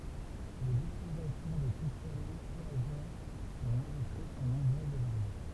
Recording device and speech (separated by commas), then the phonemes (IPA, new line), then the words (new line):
temple vibration pickup, read sentence
lez ytilizasjɔ̃ də sistɛm myltjaʒ dɑ̃ lɛ̃dystʁi sɔ̃ nɔ̃bʁøzz e vaʁje
Les utilisations de systèmes multi-agents dans l'industrie sont nombreuses et variées.